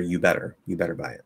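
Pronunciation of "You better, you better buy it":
The d of 'you'd better' is dropped altogether, so it is said as 'you better', with no d sound before 'better'.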